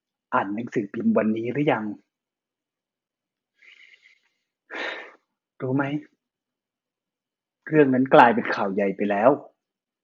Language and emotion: Thai, sad